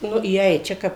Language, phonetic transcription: Lithuanian, ˈnu įˈeit ˈčia kap

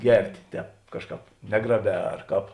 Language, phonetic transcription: Lithuanian, ˈgertė ˈtēp ˈkažˌkāp ˈnegraˌbē arˈkāp

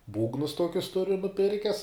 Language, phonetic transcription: Lithuanian, ˈbūgnus ˈtokius ˈturiu nuˈpirkes

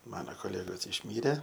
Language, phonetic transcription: Lithuanian, ˈmano koˈlegos išˈmyre

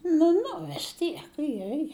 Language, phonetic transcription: Lithuanian, nu ˈnu vis ˈtiek ˈje je

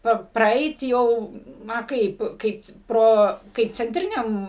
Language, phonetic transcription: Lithuanian, ˈpa praˈeit ˈjau ˈna ˈkaip ˈkaip ˈpro kaip cenˈtriniam

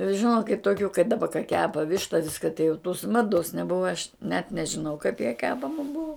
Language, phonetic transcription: Lithuanian, žiˈnokit toˈkių kai daˈba ka ˈkepa ˈvišta ˈviska tai jau tus ˈmados neˈbuva aš net nežiˈnau kaip ja ˈkepama ˈbuo

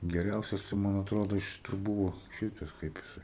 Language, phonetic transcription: Lithuanian, geˈriausias tai ˈman atˈrodo iš ˈtų ˈbūvo ˈšytas ˈkaip jisai

